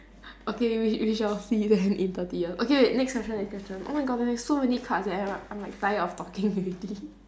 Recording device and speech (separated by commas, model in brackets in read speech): standing microphone, conversation in separate rooms